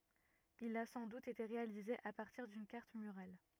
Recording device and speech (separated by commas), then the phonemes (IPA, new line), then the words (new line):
rigid in-ear microphone, read sentence
il a sɑ̃ dut ete ʁealize a paʁtiʁ dyn kaʁt myʁal
Il a sans doute été réalisé à partir d'une carte murale.